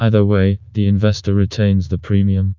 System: TTS, vocoder